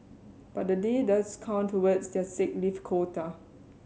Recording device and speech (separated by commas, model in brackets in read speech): mobile phone (Samsung C7100), read sentence